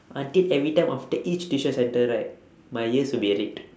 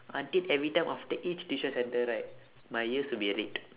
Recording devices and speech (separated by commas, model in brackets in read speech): standing microphone, telephone, conversation in separate rooms